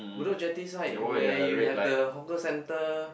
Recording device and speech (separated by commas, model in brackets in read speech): boundary microphone, conversation in the same room